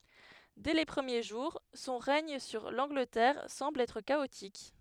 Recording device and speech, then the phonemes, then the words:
headset microphone, read sentence
dɛ le pʁəmje ʒuʁ sɔ̃ ʁɛɲ syʁ lɑ̃ɡlətɛʁ sɑ̃bl ɛtʁ kaotik
Dès les premiers jours, son règne sur l’Angleterre semble être chaotique.

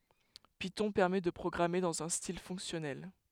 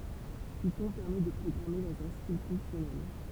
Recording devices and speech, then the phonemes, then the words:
headset microphone, temple vibration pickup, read sentence
pitɔ̃ pɛʁmɛ də pʁɔɡʁame dɑ̃z œ̃ stil fɔ̃ksjɔnɛl
Python permet de programmer dans un style fonctionnel.

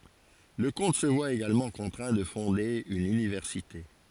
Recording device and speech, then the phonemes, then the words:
forehead accelerometer, read sentence
lə kɔ̃t sə vwa eɡalmɑ̃ kɔ̃tʁɛ̃ də fɔ̃de yn ynivɛʁsite
Le comte se voit également contraint de fonder une université.

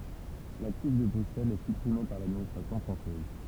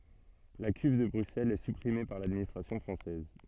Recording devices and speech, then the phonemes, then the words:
temple vibration pickup, soft in-ear microphone, read sentence
la kyv də bʁyksɛlz ɛ sypʁime paʁ ladministʁasjɔ̃ fʁɑ̃sɛz
La Cuve de Bruxelles est supprimée par l'administration française.

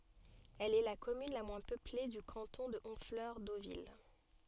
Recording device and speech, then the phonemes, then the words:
soft in-ear microphone, read sentence
ɛl ɛ la kɔmyn la mwɛ̃ pøple dy kɑ̃tɔ̃ də ɔ̃flœʁ dovil
Elle est la commune la moins peuplée du canton de Honfleur-Deauville.

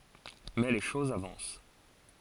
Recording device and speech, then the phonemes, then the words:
forehead accelerometer, read sentence
mɛ le ʃozz avɑ̃s
Mais les choses avancent.

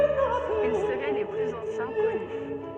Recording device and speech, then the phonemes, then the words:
soft in-ear microphone, read sentence
il səʁɛ le plyz ɑ̃sjɛ̃ kɔny
Ils seraient les plus anciens connus.

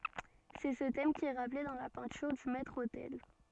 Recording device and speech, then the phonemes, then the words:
soft in-ear microphone, read sentence
sɛ sə tɛm ki ɛ ʁaple dɑ̃ la pɛ̃tyʁ dy mɛtʁ otɛl
C'est ce thème qui est rappelé dans la peinture du maître-autel.

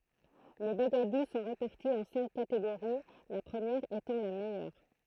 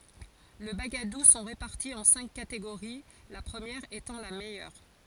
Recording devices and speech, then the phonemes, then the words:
throat microphone, forehead accelerometer, read sentence
le baɡadu sɔ̃ ʁepaʁti ɑ̃ sɛ̃k kateɡoʁi la pʁəmjɛʁ etɑ̃ la mɛjœʁ
Les bagadoù sont répartis en cinq catégories, la première étant la meilleure.

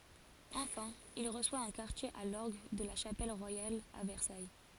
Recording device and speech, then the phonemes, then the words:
forehead accelerometer, read sentence
ɑ̃fɛ̃ il ʁəswa œ̃ kaʁtje a lɔʁɡ də la ʃapɛl ʁwajal a vɛʁsaj
Enfin, il reçoit un quartier à l'orgue de la Chapelle royale à Versailles.

